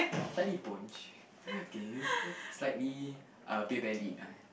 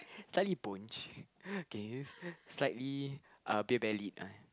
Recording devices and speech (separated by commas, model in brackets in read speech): boundary microphone, close-talking microphone, conversation in the same room